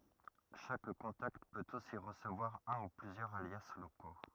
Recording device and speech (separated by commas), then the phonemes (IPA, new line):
rigid in-ear microphone, read sentence
ʃak kɔ̃takt pøt osi ʁəsəvwaʁ œ̃ u plyzjœʁz alja loko